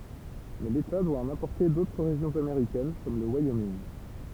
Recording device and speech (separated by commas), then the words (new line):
temple vibration pickup, read sentence
Mais l’État doit en importer d’autres régions américaines comme le Wyoming.